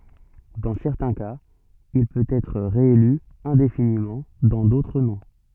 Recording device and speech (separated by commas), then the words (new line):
soft in-ear microphone, read sentence
Dans certains cas, il peut être réélu indéfiniment, dans d’autres non.